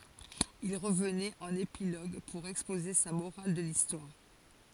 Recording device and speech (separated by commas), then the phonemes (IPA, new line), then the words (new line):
forehead accelerometer, read sentence
il ʁəvnɛt ɑ̃n epiloɡ puʁ ɛkspoze sa moʁal də listwaʁ
Il revenait en épilogue pour exposer sa morale de l'histoire.